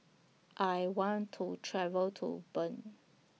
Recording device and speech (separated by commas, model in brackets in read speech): mobile phone (iPhone 6), read sentence